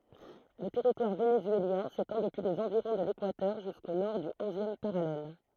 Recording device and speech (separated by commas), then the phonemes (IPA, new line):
throat microphone, read sentence
lə tɛʁitwaʁ venezyeljɛ̃ setɑ̃ dəpyi lez ɑ̃viʁɔ̃ də lekwatœʁ ʒysko nɔʁ dy ɔ̃zjɛm paʁalɛl